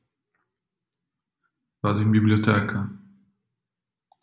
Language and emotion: Italian, sad